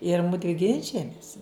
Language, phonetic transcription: Lithuanian, ir ˈmudvi ˈginčijamis

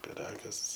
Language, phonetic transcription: Lithuanian, piˈragas

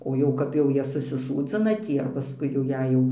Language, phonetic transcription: Lithuanian, o ˈjau kap jau ˈjie susiˈsūdzina ˈtį ar paˈskui jau ˈjei jau

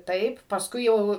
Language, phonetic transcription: Lithuanian, ˈtaip pasˈkui ˈjau

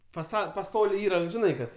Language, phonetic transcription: Lithuanian, faˈsad paˈstoliai ˈyra žiˈnai ˈkas

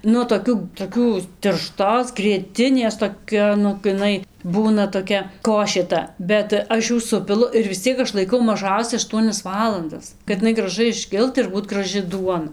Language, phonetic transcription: Lithuanian, ˈnu toˈkių toˈkių tirˈštos grieˈtinės toˈkia ˈnu gi iˈnai ˈbūna toˈkia ˈkošė ˈta bet ˈaš ˈjų ˈsupilu ir vis ˈciek ˈaš laiˈkau maˈžausia ašˈtuonias ˈvalandas kat iˈnai graˈžai išˈkilt ir ˈbūti graˈžɨ ˈduona

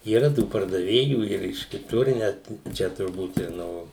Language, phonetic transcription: Lithuanian, yˈra tų pardaˈvėjų ir iš kiˈtur i ˈnæt ˈčia turˈbūt ir ˈno

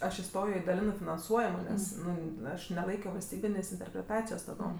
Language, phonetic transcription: Lithuanian, ˈaš iˈstojo i daˈlinɜ finanˈsuojamo ˈnes ˈnu ˈaš neˈlaikio valsˈtybinės' interpreˈtacijos taˈdom

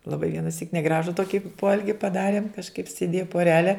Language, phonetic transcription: Lithuanian, laˈbai vienaˈsyk neˈgražu ˈtoki ˈpoelgi paˈdarėm kažˈkaip sėˈdėja poˈrele

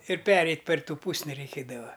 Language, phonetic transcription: Lithuanian, ir ˈpereit' per ˈtų ˈpūsni reiˈkėdava

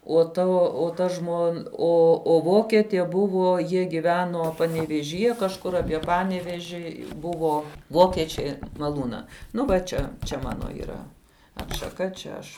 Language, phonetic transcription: Lithuanian, o ˈta o ˈta ˈžmon ˈo o ˈvoketė ˈbuvo ˈjie giˈveno panevėžyˈje kažˈkur apie ˈpaneveži ˈbuvo ˈvokečia maˈlūna ˈnu va ˈčia čia ˈmano yˈra atšaˈka čia ˈaš

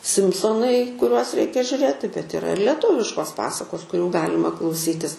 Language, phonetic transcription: Lithuanian, ˈsimsonai kuˈriuos ˈreikia žiurˈėti bet iˈra ir lieˈtuviškos ˈpasakos kuˈrių ˈgalima klauˈsytis

